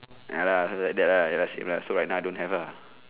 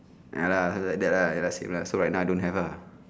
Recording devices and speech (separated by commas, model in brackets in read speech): telephone, standing microphone, conversation in separate rooms